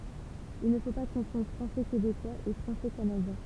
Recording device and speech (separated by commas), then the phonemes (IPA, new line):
temple vibration pickup, read sentence
il nə fo pa kɔ̃fɔ̃dʁ fʁɑ̃sɛ kebekwaz e fʁɑ̃sɛ kanadjɛ̃